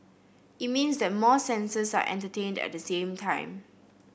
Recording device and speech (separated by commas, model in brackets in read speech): boundary microphone (BM630), read sentence